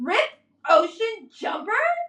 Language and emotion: English, disgusted